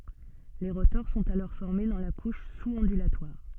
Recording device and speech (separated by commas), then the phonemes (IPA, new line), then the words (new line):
soft in-ear microphone, read sentence
le ʁotɔʁ sɔ̃t alɔʁ fɔʁme dɑ̃ la kuʃ suz ɔ̃dylatwaʁ
Les rotors sont alors formés dans la couche sous-ondulatoire.